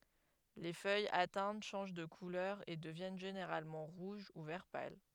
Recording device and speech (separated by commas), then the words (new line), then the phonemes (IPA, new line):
headset microphone, read sentence
Les feuilles atteintes changent de couleur et deviennent généralement rouges ou vert pâle.
le fœjz atɛ̃t ʃɑ̃ʒ də kulœʁ e dəvjɛn ʒeneʁalmɑ̃ ʁuʒ u vɛʁ pal